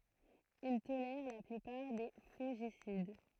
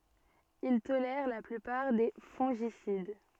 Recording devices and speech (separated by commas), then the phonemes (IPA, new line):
throat microphone, soft in-ear microphone, read sentence
il tolɛʁ la plypaʁ de fɔ̃ʒisid